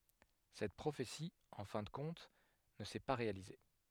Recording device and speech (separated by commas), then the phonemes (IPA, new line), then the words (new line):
headset microphone, read sentence
sɛt pʁofeti ɑ̃ fɛ̃ də kɔ̃t nə sɛ pa ʁealize
Cette prophétie, en fin de compte, ne s’est pas réalisée.